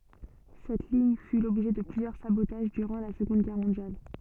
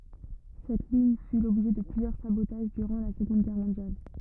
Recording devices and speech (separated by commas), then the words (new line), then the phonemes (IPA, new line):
soft in-ear microphone, rigid in-ear microphone, read sentence
Cette ligne fut l'objet de plusieurs sabotages durant la Seconde Guerre mondiale.
sɛt liɲ fy lɔbʒɛ də plyzjœʁ sabotaʒ dyʁɑ̃ la səɡɔ̃d ɡɛʁ mɔ̃djal